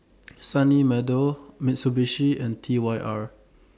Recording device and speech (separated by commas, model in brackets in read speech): standing microphone (AKG C214), read sentence